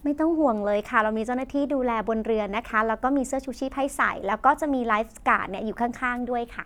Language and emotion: Thai, happy